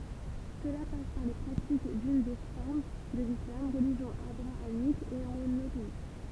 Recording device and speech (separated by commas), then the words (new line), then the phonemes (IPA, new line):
temple vibration pickup, read sentence
Cela passe par les pratiques d'une des formes de l'islam, religion abrahamique et monothéiste.
səla pas paʁ le pʁatik dyn de fɔʁm də lislam ʁəliʒjɔ̃ abʁaamik e monoteist